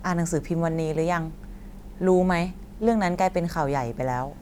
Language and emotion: Thai, neutral